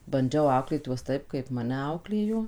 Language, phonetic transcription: Lithuanian, banˈdžiau ˈauklėt ˈjuos ˈtaip kaip ˈmane ˈauklėjo

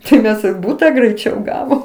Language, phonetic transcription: Lithuanian, tai ˈmes ir ˈbūta greiˈčiau ˈgavom

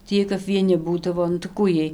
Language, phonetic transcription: Lithuanian, tį ˈjiej kap vieˈni ˈbūdavo nu tai ˈkų ˈjiej

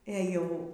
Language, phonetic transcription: Lithuanian, ė ˈjau

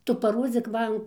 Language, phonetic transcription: Lithuanian, ˈtu paˈrodzyk ˈman

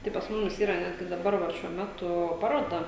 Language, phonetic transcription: Lithuanian, tai pas ˈmumis ˈyra ˈnetgi daˈbar va šiuo ˈmetu ˈparoda

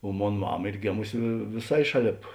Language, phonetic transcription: Lithuanian, o ˈmon ˈmama ˈyr ˈgėmusi vė vėˈsai ˈšaˌlėp

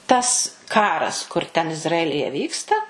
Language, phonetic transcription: Lithuanian, ˈtas ˈkaras kur ˈten izraˈelije ˈvyksta

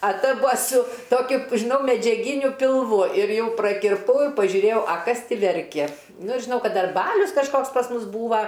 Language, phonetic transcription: Lithuanian, a ˈta ˈbua su ˈtokiu žiˈnau medžiaˈginiu pilˈvu ir ˈjau prakirˈpau i pažiuˈrėjau a ˈkas ˈti verkia ˈnu ir žiˈnau ˈkad ˈdar ˈbalius kažˈkoks pas ˈmus ˈbūva

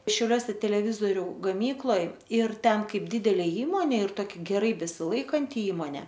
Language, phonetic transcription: Lithuanian, šiauˈliuose teleˈvizoriu gaˈmykloj ir ˈten ˈkaip ˈdidelė ˈįmonė ir ˈtoki geˈrai besiˈlaikanti ˈįmonė

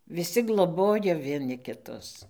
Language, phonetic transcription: Lithuanian, viˈsi gloˈbojo vieˈni kiˈtus

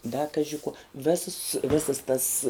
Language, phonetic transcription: Lithuanian, da ˈkaži kuo ˈvesas ˈvesas tas

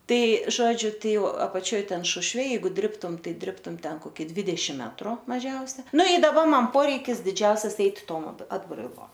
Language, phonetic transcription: Lithuanian, ˈtai ˈžodžiu ˈtai ˈjau apaˈčioj ˈten ˈšušve ˈjeigu ˈdribtum ˈtai ˈdribtum ˈten koˈki ˈdvidešim ˈmetru maˈžiausia ˈnu i ˈdaba ˈman ˈporeikis diˈdžiausias ˈeit' ˈtom at atbraiˈlom

